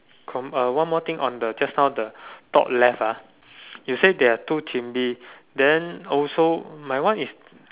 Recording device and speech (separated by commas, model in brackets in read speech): telephone, conversation in separate rooms